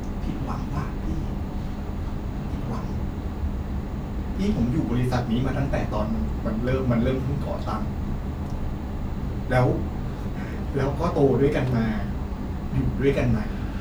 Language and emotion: Thai, sad